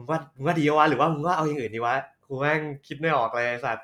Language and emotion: Thai, happy